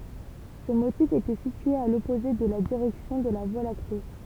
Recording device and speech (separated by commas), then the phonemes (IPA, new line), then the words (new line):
temple vibration pickup, read sentence
sə motif etɛ sitye a lɔpoze də la diʁɛksjɔ̃ də la vwa lakte
Ce motif était situé à l'opposé de la direction de la Voie lactée.